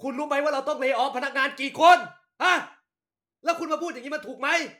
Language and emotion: Thai, angry